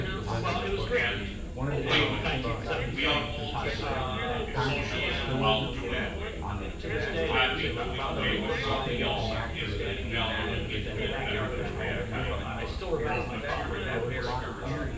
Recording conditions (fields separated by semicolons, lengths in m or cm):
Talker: one person; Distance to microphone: 9.8 m; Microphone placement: far; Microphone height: 1.8 m; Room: large; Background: babble